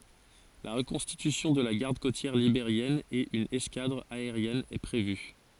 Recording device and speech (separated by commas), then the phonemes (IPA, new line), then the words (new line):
forehead accelerometer, read sentence
la ʁəkɔ̃stitysjɔ̃ də la ɡaʁd kotjɛʁ libeʁjɛn e yn ɛskadʁ aeʁjɛn ɛ pʁevy
La reconstitution de la Garde côtière libérienne et une escadre aérienne est prévue.